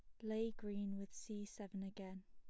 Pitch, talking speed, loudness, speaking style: 205 Hz, 180 wpm, -47 LUFS, plain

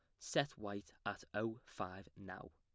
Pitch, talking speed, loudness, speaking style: 105 Hz, 155 wpm, -44 LUFS, plain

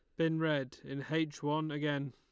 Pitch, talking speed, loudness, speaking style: 150 Hz, 190 wpm, -35 LUFS, Lombard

